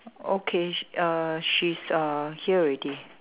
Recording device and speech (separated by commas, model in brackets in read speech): telephone, conversation in separate rooms